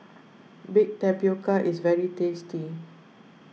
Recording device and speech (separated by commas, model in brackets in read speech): mobile phone (iPhone 6), read sentence